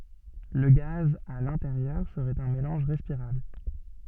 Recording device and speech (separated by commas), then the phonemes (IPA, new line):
soft in-ear microphone, read sentence
lə ɡaz a lɛ̃teʁjœʁ səʁɛt œ̃ melɑ̃ʒ ʁɛspiʁabl